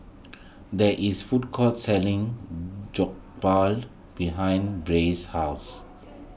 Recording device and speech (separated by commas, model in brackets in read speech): boundary microphone (BM630), read sentence